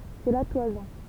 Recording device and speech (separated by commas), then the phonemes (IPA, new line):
temple vibration pickup, read sentence
sɛ la twazɔ̃